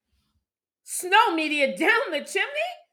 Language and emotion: English, happy